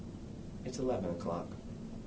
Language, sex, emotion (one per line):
English
male
neutral